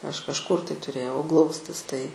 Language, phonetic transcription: Lithuanian, ˈaš kažˈkur tai tuˈrėjau ˈglaustis tai

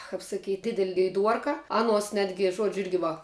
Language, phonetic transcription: Lithuanian, kap saˈkyt' ˈdidel' geiˈduorka ˈanuos ˈnetgi ˈžuodžiu ˈirgi va

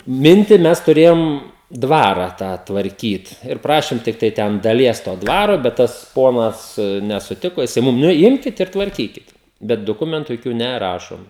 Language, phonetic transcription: Lithuanian, ˈminti ˈmes tuˈrėjom ˈ dvara ˈtą tvarˈkyt ir ˈprašim ˈtiktai ˈten daˈlies to ˈdvaro bet ˈtas ˈponas nesuˈtiko jiˈsai ˈmum nu ˈjimkit ir tvarˈkykit ˈbet duˈkumentu joˈkių neˈrašom

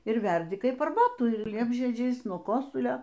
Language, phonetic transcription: Lithuanian, ir ˈverdi ˈkaip arˈbatų ir ˈliepžiedžiais nuo ˈkosulio

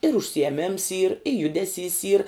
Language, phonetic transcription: Lithuanian, ir užsijeˈmims yr i ˈjudeˌsys yr

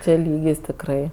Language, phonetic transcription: Lithuanian, ˈčia ˈlygis tikˈrai

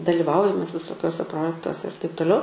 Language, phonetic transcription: Lithuanian, daliˈvaujam mes visoˈkiuose ˈprojektuose ir taip toˈliau

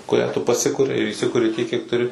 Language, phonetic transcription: Lithuanian, kuˈrią tu paˈsikuri ir įˈsikuri tiek kiek tuˈri

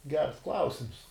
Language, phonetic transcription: Lithuanian, gers ˈklausims

